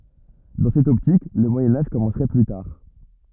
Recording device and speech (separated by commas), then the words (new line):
rigid in-ear microphone, read sentence
Dans cette optique, le Moyen Âge commencerait plus tard.